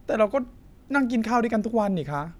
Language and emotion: Thai, frustrated